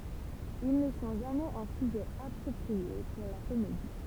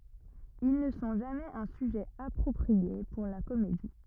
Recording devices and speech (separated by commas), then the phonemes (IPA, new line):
temple vibration pickup, rigid in-ear microphone, read sentence
il nə sɔ̃ ʒamɛz œ̃ syʒɛ apʁɔpʁie puʁ la komedi